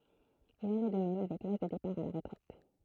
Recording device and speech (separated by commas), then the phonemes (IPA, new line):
throat microphone, read sentence
il ɑ̃n ɛ də mɛm avɛk laʒ də depaʁ a la ʁətʁɛt